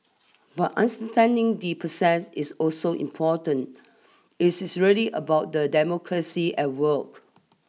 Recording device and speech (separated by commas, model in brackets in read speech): mobile phone (iPhone 6), read sentence